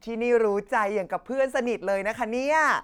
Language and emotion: Thai, happy